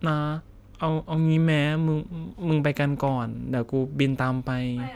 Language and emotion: Thai, sad